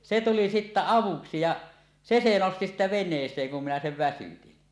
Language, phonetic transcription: Finnish, 'se tuli sittä "avuksi ja , "se se nosti sittä "ven̆nees̀eeŋ kun 'minä 'sev 'väsytin .
- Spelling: se tuli sitten avuksi ja se se nosti sitten veneeseen kun minä sen väsytin

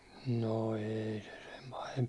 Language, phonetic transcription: Finnish, no 'eei se sem pahemp .
- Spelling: no ei se sen pahempi

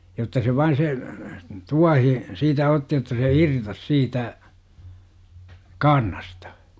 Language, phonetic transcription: Finnish, jotta se 'vain se , 'tuahi , 'siitä otti jotta se "irtos 'siitä , "kaarnastA .
- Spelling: jotta se vain se tuohi siitä otti jotta se irtosi siitä kaarnasta

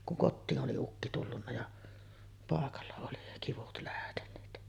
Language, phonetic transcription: Finnish, kuŋ 'kottiin ’oli ukki tullunna ja , 'pàekalla oli kivut lähteǹeet .
- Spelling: kun kotiin oli ukki tullut ja paikalla oli kivut lähteneet

